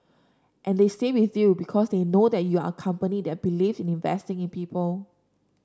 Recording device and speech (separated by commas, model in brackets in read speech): standing microphone (AKG C214), read sentence